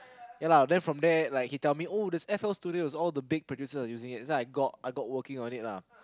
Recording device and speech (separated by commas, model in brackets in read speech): close-talking microphone, conversation in the same room